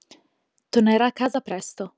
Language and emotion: Italian, neutral